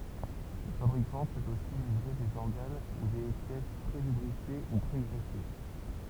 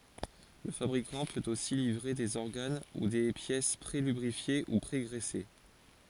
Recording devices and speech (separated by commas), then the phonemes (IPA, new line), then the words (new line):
temple vibration pickup, forehead accelerometer, read sentence
lə fabʁikɑ̃ pøt osi livʁe dez ɔʁɡan u de pjɛs pʁelybʁifje u pʁeɡʁɛse
Le fabricant peut aussi livrer des organes ou des pièces pré-lubrifiés ou pré-graissés.